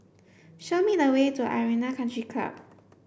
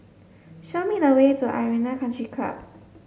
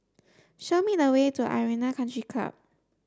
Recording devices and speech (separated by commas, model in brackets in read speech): boundary microphone (BM630), mobile phone (Samsung S8), standing microphone (AKG C214), read sentence